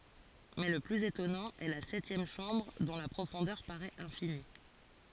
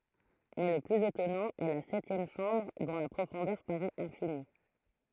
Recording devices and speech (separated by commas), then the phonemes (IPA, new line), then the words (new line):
forehead accelerometer, throat microphone, read sentence
mɛ lə plyz etɔnɑ̃ ɛ la sɛtjɛm ʃɑ̃bʁ dɔ̃ la pʁofɔ̃dœʁ paʁɛt ɛ̃fini
Mais le plus étonnant est la septième chambre, dont la profondeur paraît infinie.